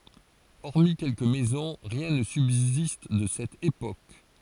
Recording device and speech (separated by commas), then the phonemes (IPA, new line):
forehead accelerometer, read sentence
ɔʁmi kɛlkə mɛzɔ̃ ʁjɛ̃ nə sybzist də sɛt epok